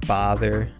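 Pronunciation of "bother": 'bother' is said with a New York or Boston kind of accent.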